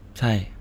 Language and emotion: Thai, neutral